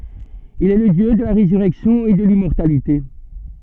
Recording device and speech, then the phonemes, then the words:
soft in-ear microphone, read sentence
il ɛ lə djø də la ʁezyʁɛksjɔ̃ e də limmɔʁtalite
Il est le dieu de la résurrection et de l'immortalité.

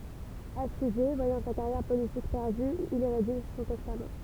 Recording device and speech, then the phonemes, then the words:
temple vibration pickup, read sentence
afliʒe vwajɑ̃ sa kaʁjɛʁ politik pɛʁdy il i ʁediʒ sɔ̃ tɛstam
Affligé, voyant sa carrière politique perdue, il y rédige son testament.

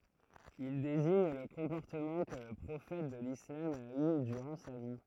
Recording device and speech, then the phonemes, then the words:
throat microphone, read sentence
il deziɲ lə kɔ̃pɔʁtəmɑ̃ kə lə pʁofɛt də lislam a y dyʁɑ̃ sa vi
Il désigne le comportement que le prophète de l'islam a eu durant sa vie.

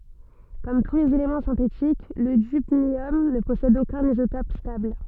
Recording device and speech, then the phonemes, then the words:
soft in-ear microphone, read sentence
kɔm tu lez elemɑ̃ sɛ̃tetik lə dybnjɔm nə pɔsɛd okœ̃n izotɔp stabl
Comme tous les éléments synthétiques, le dubnium ne possède aucun isotope stable.

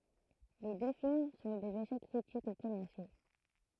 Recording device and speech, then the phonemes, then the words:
throat microphone, read sentence
le dø film sɔ̃ dez eʃɛk kʁitikz e kɔmɛʁsjo
Les deux films sont des échecs critiques et commerciaux.

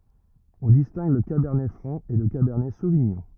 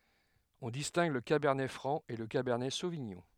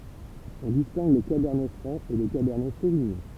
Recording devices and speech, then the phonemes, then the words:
rigid in-ear microphone, headset microphone, temple vibration pickup, read sentence
ɔ̃ distɛ̃ɡ lə kabɛʁnɛ fʁɑ̃ e lə kabɛʁnɛ soviɲɔ̃
On distingue le cabernet franc et le cabernet sauvignon.

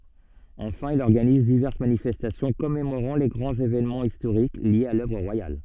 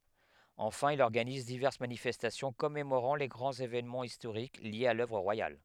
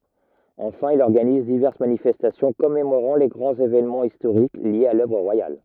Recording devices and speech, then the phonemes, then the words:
soft in-ear microphone, headset microphone, rigid in-ear microphone, read sentence
ɑ̃fɛ̃ il ɔʁɡaniz divɛʁs manifɛstasjɔ̃ kɔmemoʁɑ̃ le ɡʁɑ̃z evenmɑ̃z istoʁik ljez a lœvʁ ʁwajal
Enfin, il organise diverses manifestations commémorant les grands événements historiques liés à l'œuvre royale.

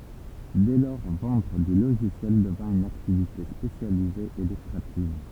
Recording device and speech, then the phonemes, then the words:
temple vibration pickup, read sentence
dɛ lɔʁ vɑ̃dʁ dy loʒisjɛl dəvɛ̃ yn aktivite spesjalize e lykʁativ
Dès lors, vendre du logiciel devint une activité spécialisée et lucrative.

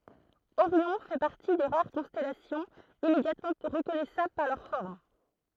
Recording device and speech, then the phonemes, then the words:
throat microphone, read sentence
oʁjɔ̃ fɛ paʁti de ʁaʁ kɔ̃stɛlasjɔ̃z immedjatmɑ̃ ʁəkɔnɛsabl paʁ lœʁ fɔʁm
Orion fait partie des rares constellations immédiatement reconnaissables par leur forme.

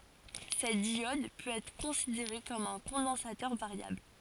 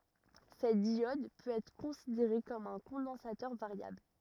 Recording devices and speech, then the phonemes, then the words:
forehead accelerometer, rigid in-ear microphone, read sentence
sɛt djɔd pøt ɛtʁ kɔ̃sideʁe kɔm œ̃ kɔ̃dɑ̃satœʁ vaʁjabl
Cette diode peut être considérée comme un condensateur variable.

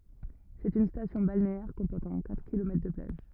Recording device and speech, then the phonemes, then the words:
rigid in-ear microphone, read sentence
sɛt yn stasjɔ̃ balneɛʁ kɔ̃pɔʁtɑ̃ katʁ kilomɛtʁ də plaʒ
C'est une station balnéaire comportant quatre kilomètres de plages.

